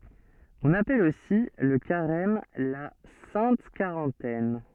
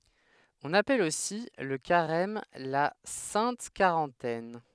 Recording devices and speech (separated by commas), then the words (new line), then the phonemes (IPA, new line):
soft in-ear microphone, headset microphone, read sentence
On appelle aussi le Carême la Sainte Quarantaine.
ɔ̃n apɛl osi lə kaʁɛm la sɛ̃t kaʁɑ̃tɛn